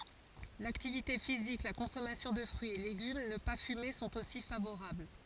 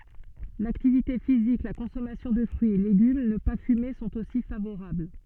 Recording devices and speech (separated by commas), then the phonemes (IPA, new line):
forehead accelerometer, soft in-ear microphone, read sentence
laktivite fizik la kɔ̃sɔmasjɔ̃ də fʁyiz e leɡym nə pa fyme sɔ̃t osi favoʁabl